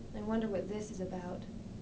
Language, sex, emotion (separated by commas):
English, female, sad